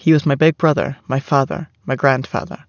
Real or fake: real